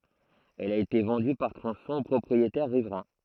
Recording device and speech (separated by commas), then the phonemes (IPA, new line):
throat microphone, read sentence
ɛl a ete vɑ̃dy paʁ tʁɔ̃sɔ̃z o pʁɔpʁietɛʁ ʁivʁɛ̃